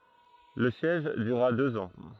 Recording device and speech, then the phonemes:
throat microphone, read sentence
lə sjɛʒ dyʁa døz ɑ̃

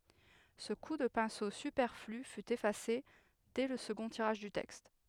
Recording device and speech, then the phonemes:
headset microphone, read sentence
sə ku də pɛ̃so sypɛʁfly fy efase dɛ lə səɡɔ̃ tiʁaʒ dy tɛkst

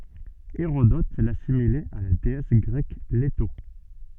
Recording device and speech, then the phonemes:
soft in-ear microphone, read sentence
eʁodɔt lasimilɛt a la deɛs ɡʁɛk leto

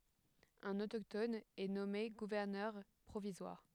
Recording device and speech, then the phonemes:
headset microphone, read sentence
œ̃n otoktɔn ɛ nɔme ɡuvɛʁnœʁ pʁovizwaʁ

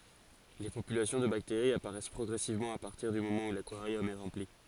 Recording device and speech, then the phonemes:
forehead accelerometer, read sentence
le popylasjɔ̃ də bakteʁiz apaʁɛs pʁɔɡʁɛsivmɑ̃ a paʁtiʁ dy momɑ̃ u lakwaʁjɔm ɛ ʁɑ̃pli

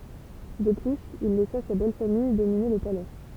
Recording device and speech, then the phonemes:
temple vibration pickup, read sentence
də plyz il lɛsa sa bɛlfamij domine lə palɛ

